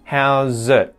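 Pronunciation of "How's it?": In "How's it", the s in "how's" is a z sound, and "it" is reduced to a schwa. The two words sound almost like one word.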